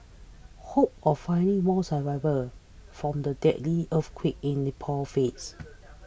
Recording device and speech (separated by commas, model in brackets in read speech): boundary microphone (BM630), read sentence